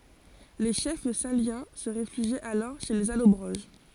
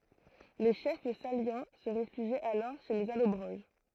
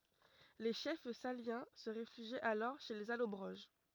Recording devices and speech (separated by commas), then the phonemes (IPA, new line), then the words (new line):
forehead accelerometer, throat microphone, rigid in-ear microphone, read sentence
le ʃɛf saljɑ̃ sə ʁefyʒit alɔʁ ʃe lez alɔbʁoʒ
Les chefs salyens se réfugient alors chez les Allobroges.